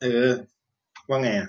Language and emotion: Thai, neutral